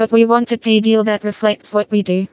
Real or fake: fake